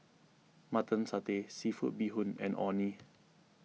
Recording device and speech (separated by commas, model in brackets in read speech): mobile phone (iPhone 6), read sentence